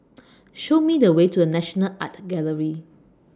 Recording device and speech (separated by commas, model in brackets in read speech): standing microphone (AKG C214), read sentence